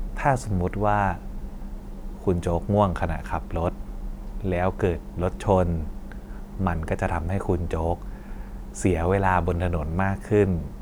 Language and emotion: Thai, neutral